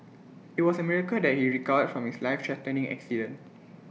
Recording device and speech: mobile phone (iPhone 6), read sentence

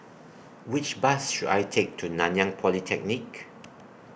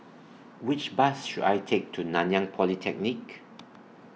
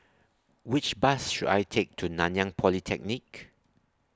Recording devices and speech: boundary microphone (BM630), mobile phone (iPhone 6), standing microphone (AKG C214), read sentence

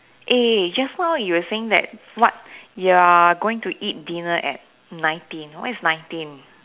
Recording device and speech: telephone, conversation in separate rooms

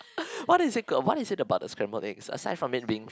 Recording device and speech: close-talking microphone, conversation in the same room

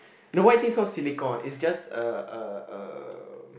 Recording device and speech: boundary microphone, conversation in the same room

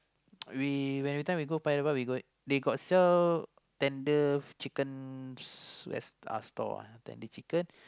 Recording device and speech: close-talking microphone, conversation in the same room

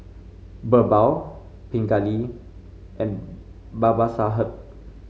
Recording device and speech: mobile phone (Samsung C5), read sentence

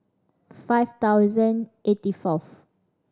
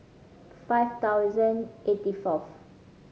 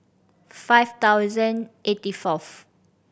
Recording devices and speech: standing microphone (AKG C214), mobile phone (Samsung C5010), boundary microphone (BM630), read sentence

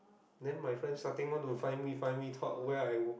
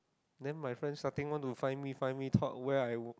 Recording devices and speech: boundary microphone, close-talking microphone, conversation in the same room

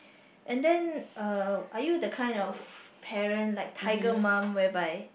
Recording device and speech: boundary microphone, conversation in the same room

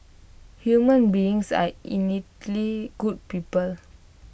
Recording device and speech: boundary microphone (BM630), read sentence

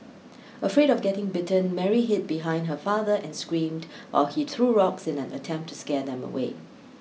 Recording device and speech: mobile phone (iPhone 6), read sentence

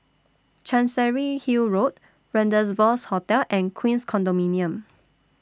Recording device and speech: standing microphone (AKG C214), read sentence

